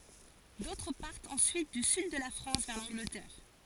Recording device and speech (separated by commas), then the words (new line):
forehead accelerometer, read sentence
D'autres partent ensuite du Sud de la France vers l'Angleterre.